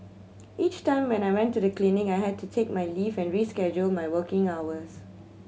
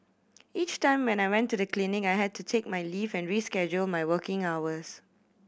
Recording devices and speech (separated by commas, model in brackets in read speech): mobile phone (Samsung C7100), boundary microphone (BM630), read sentence